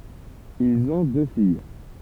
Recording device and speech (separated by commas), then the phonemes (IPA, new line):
temple vibration pickup, read sentence
ilz ɔ̃ dø fij